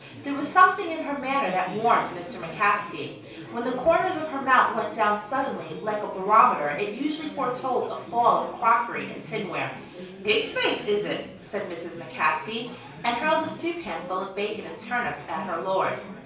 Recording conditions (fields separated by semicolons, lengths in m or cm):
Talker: one person; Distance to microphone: 3.0 m; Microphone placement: far; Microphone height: 1.8 m; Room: small (3.7 m by 2.7 m); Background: babble